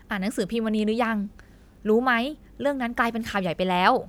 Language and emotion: Thai, happy